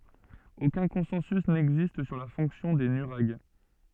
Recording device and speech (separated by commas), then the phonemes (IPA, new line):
soft in-ear microphone, read sentence
okœ̃ kɔ̃sɑ̃sy nɛɡzist syʁ la fɔ̃ksjɔ̃ de nyʁaɡ